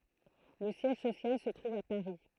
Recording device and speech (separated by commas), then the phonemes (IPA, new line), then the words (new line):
throat microphone, read sentence
lə sjɛʒ sosjal sə tʁuv a paʁi
Le siège social se trouve à Paris.